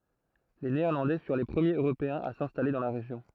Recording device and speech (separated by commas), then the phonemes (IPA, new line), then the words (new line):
throat microphone, read sentence
le neɛʁlɑ̃dɛ fyʁ le pʁəmjez øʁopeɛ̃z a sɛ̃stale dɑ̃ la ʁeʒjɔ̃
Les Néerlandais furent les premiers Européens à s'installer dans la région.